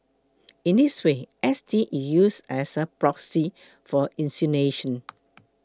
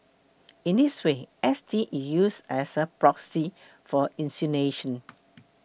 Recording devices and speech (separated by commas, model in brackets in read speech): close-talking microphone (WH20), boundary microphone (BM630), read sentence